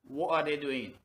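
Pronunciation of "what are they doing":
The t in 'what' is said as a glottal stop.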